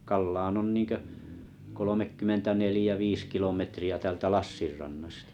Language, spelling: Finnish, Kallaan on niin kuin kolmekymmentä neljä viisi kilometriä täältä Lassin rannasta
- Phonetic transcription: 'Kallan 'on 'niiŋkö , kolomekkymmenta 'nelĭjä 'viis kilometri₍ä 'täältä "Lassir rannastᴀ .

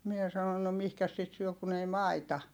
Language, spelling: Finnish, minä sanoin no mihinkäs sitä syö kun ei maita
- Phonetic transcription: mie sanon » no mihkäs sit syö kun ‿ei maita .

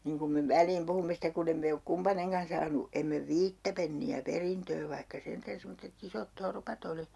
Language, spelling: Finnish, niin kun me väliin puhumme sitten kun emme me ole kumpainenkaan saanut emme viittä penniä perintöä vaikka sentään semmoiset isot torpat oli
- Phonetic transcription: 'niŋ kum me 'väl̀iim 'puhumme stek ku'n ‿em me ok "kumpa'neŋkan 'saanu , emme "viittä penni₍ä 'perintöö 'vaihka sentän 'semmotte't ‿isot "torpat ‿oli .

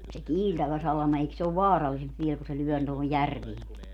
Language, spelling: Finnish, se kiiltävä salama eikö se ole vaarallisempi vielä kun se lyö tuohon järveenkin
- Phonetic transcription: se "kiiltävä 'salama eik se ov "vaarallisemp viel ku se 'lyɔ̈̀ tohoj "järvieŋki .

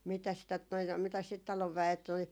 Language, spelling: Finnish, mitäs sitä tuota noin mitäs sitä talon väet oli
- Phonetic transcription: 'mitäs sit tot noi , 'mitäs sit 'talov vä₍et ‿oli ,.

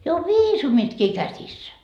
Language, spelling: Finnish, jo on viisumitkin käsissä
- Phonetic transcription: jo o "viisumitkii käsissä .

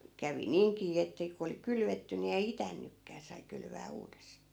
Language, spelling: Finnish, kävi niinkin että kun oli kylvetty niin ei itänytkään sai kylvää uudestaan
- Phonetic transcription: 'kävi "niiŋkii että ku oli 'kylvetty ni ei "itännykkää sai 'kylvää 'uudestaa .

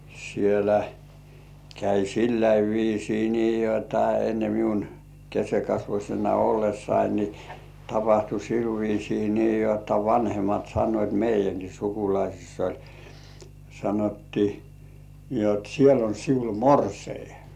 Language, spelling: Finnish, siellä kävi sillä viisiin niin jotta ennen minun keskenkasvuisena ollessani niin tapahtui sillä viisiin niin jotta vanhemmat sanoivat meidänkin sukulaisissa oli sanottiin niin jotta siellä on sinulla morsian
- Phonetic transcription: sielä , käi "silläi 'viisii nii jotta enne 'miun , kesekasvuśena "ollessain ni , tapahtu 'sil viisii nii jotta vanhemat sannoit "meijäŋkii 'sukulaisiss ‿oĺ , 'sanottii , ni ‿ot 'siel ‿on 'siul "morsei .

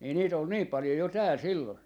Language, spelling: Finnish, niin niitä oli niin paljon jo täällä silloin
- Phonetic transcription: nii niit ‿ol 'niip̆ 'palⁱjo jo 'tääl 'sillon .

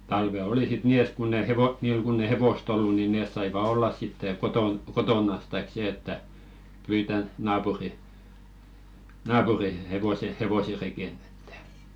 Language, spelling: Finnish, talvet oli sitten niin että kun ei - niillä kun ei hevosta ollut niin ne saivat olla sitten kotona kotonansa tai se että pyytää naapurin naapurin hevoset hevoset rekeen että
- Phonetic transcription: talve "oli sit 'nii et kunn ‿e 'hevo- , 'niil kunn ‿eⁱ 'hevost ‿ollu ni 'nès saiva 'ollas sittè "koton , 'kotònas taik 'see" että , 'pyita naapuri , "naapuri 'hevose hevose reken ‿ᴇttᴀ̈ .

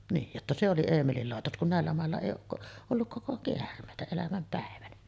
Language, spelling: Finnish, niin jotta se oli Eemelin laitos kun näillä mailla ei ole - ollut koko käärmeitä elämän päivänä
- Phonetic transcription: 'niij jotta se oli 'Eemelil làetos kun 'nä̀ellä 'màella èij ‿ook ko- , olluk "koko 'keärm̀èitä elämäm pä̀evänä .

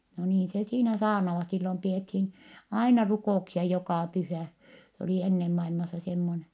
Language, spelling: Finnish, no niin se siinä saarnaavat silloin pidettiin aina rukouksia joka pyhä se oli ennen maailmassa semmoinen
- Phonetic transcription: no niin se siinä saarnavat - sillom pi₍ethin , aina rukò₍uksia jokà pyhä̀ , se oli ennem mailmassa semmone .

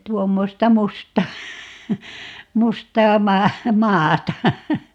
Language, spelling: Finnish, tuommoista mustaa mustaa - maata
- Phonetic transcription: 'tuommosta "mustaa , 'mustaa 'maa- , "maata .

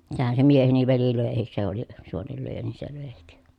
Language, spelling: Finnish, sehän se mieheni veli löikin se oli suonenlyöjä niin se löikin
- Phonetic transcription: sehän se mieheni veli lö̀ehis se ‿oli , suonellyöjä nii se lö̀ehik .

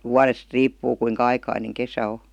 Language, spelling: Finnish, vuodesta riippuu kuinka aikainen kesä on
- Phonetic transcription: wuarest "riippuu kuiŋka 'aikaineŋ 'kesä o .

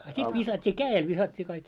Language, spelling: Finnish, a sitten viskattiin kädellä viskattiin kaikki
- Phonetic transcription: a 'sit 'visat́t́ii "kää₍el 'visat́t́ii kaik .

